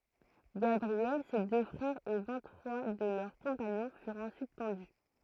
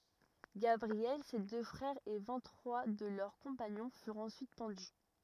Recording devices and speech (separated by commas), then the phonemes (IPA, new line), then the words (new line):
throat microphone, rigid in-ear microphone, read sentence
ɡabʁiɛl se dø fʁɛʁz e vɛ̃t tʁwa də lœʁ kɔ̃paɲɔ̃ fyʁt ɑ̃syit pɑ̃dy
Gabriel, ses deux frères et vingt trois de leurs compagnons furent ensuite pendus.